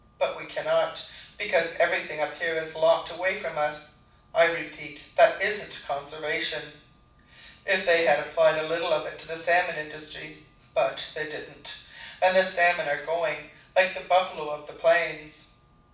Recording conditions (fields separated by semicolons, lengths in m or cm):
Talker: one person; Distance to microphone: 5.8 m; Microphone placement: far; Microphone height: 1.8 m; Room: medium-sized (5.7 m by 4.0 m); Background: none